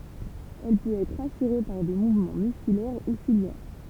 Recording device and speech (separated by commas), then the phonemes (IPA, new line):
temple vibration pickup, read sentence
ɛl pøt ɛtʁ asyʁe paʁ de muvmɑ̃ myskylɛʁ u siljɛʁ